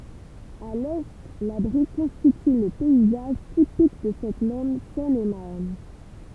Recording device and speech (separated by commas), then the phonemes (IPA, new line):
temple vibration pickup, read sentence
a lɛ la bʁi kɔ̃stity lə pɛizaʒ tipik də sɛt mɛm sɛnemaʁn